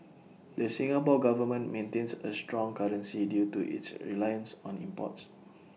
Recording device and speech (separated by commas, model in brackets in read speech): mobile phone (iPhone 6), read sentence